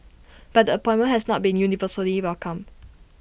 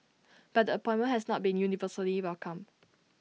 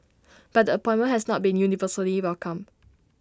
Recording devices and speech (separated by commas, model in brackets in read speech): boundary microphone (BM630), mobile phone (iPhone 6), standing microphone (AKG C214), read sentence